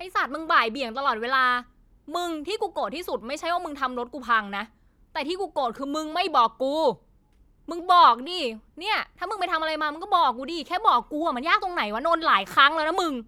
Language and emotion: Thai, angry